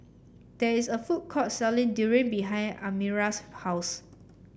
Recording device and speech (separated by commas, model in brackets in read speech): boundary microphone (BM630), read sentence